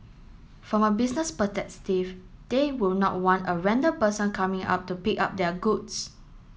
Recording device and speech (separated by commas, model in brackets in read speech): mobile phone (Samsung S8), read sentence